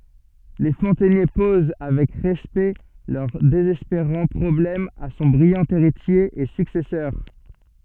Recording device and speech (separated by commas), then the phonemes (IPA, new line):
soft in-ear microphone, read sentence
le fɔ̃tɛnje poz avɛk ʁɛspɛkt lœʁ dezɛspeʁɑ̃ pʁɔblɛm a sɔ̃ bʁijɑ̃ eʁitje e syksɛsœʁ